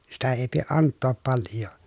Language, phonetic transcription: Finnish, sitä èi pieʼ ʼanttoop palj̆joo .
- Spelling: sitä ei pidä antaa paljoa

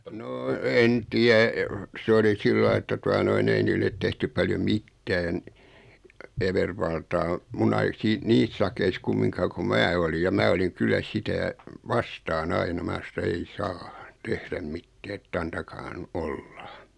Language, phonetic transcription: Finnish, noo 'en 'tiä , 'sᵉ oli 'sillai että 'tua noi'n ‿ei niillet 'tehtyp paljoᵐ "mittään , 'evervaltaa , 'mun ‿ai- sii 'niis sakeis 'kummiŋkaa ko "mää olij ja 'mää oliŋ 'kyllä 'sitä , "vastaa'n ‿aina 'mää sa [e]tä » 'ei "saa , 'tehðäm "mittää et't ‿antakaahan "'olla « .
- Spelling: no en tiedä se oli sillä lailla että tuota noin ei niille tehty paljon mitään evervaltaa minun - siinä niissä sakeissa kumminkaan kun minä olin ja minä olin kyllä sitä vastaan aina minä sanoin että ei saa tehdä mitään että antakaahan olla

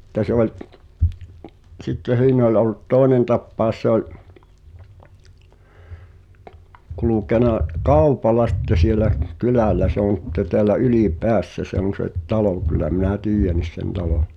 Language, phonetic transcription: Finnish, [s]ⁱtte se ‿oĺ , 'sitte "siin ‿oĺ ollᵘt 'tòenen tappàos se ‿oĺ , 'kulukena , "kàupala sⁱtte sielä , 'kylä̀l̆lä se on̬ [s]itte teälä 'ʏlì"peässä se ‿on̬ se 'talò kyl̆lä minä "tiijjänis sen 'talòn̬ .
- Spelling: sitten se oli sitten siinä oli ollut toinen tapaus se oli kulkenut kaupalla sitten siellä kylällä se on sitten täällä Ylipäässä se on se talo kyllä minä tiedän sen talon

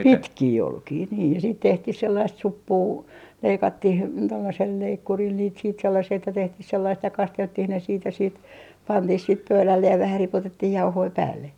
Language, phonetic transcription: Finnish, (osaksi yhtaikaa) "pitkii 'olkii niij ja siit 'tehtih 'sellaist 'suppuu , 'leikattih , tollasel 'leikkuril niit siit 'sellasii että 'tehtih sellaist ja 'kastelttih ne siit ja siit , "pantih siit 'pöylällej ja vähä 'ripotettih "jauhoi 'päälle .
- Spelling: - - pitkiä olkia niin ja sitten tehtiin sellaista suppua leikattiin tuollaisella leikkurilla niitä siitä sellaisia että tehtiin sellaista ja kasteltiin ne siitä ja siitä pantiin sitten pöydälle ja vähän ripotettiin jauhoja päälle

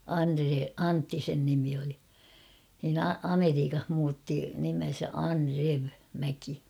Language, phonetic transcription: Finnish, 'Anᴰre- "Antti sen nimi oli , nin ‿ᴀ- 'Ameriikah muutti nimen̬sä 'An'rev , 'Mäki .
- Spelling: - Antti sen nimi oli niin - Amerikassa muutti nimensä Andrew Mäki

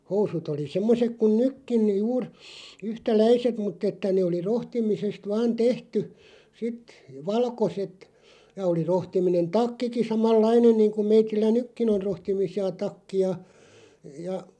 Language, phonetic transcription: Finnish, 'housut ‿oli 'semmosek kun "nykkin , 'juur , 'yhtä"läiset 'mutᵗ ‿että nee oli 'rohtimisest 'vaan "tehty , 'sit , 'valkoset , ja oli 'rohtiminen "takkiki 'samal"lainen 'niiŋkuᵐ 'meitillä "nykkin ‿on̳§ 'rohtimisi₍a 'takki₍a , 'ja ,.
- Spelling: housut oli semmoiset kuin nytkin juuri yhtäläiset mutta että ne oli rohtimisesta vain tehty sitten valkoiset ja oli rohtiminen takkikin samanlainen niin kuin meillä nytkin on rohtimisia takkeja ja

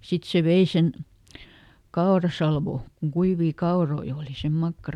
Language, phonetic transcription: Finnish, ˈsit se ˈvei sen , "kaorasalvò , kuŋ ˈkuivii ˈkaoroi ooli , sem ˈmakkara .
- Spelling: sitten se vei sen kaurasalvon kun kuivia kauroja oli se makkara

